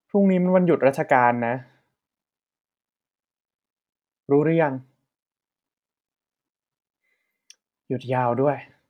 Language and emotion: Thai, frustrated